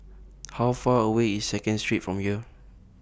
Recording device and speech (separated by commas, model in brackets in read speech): boundary microphone (BM630), read sentence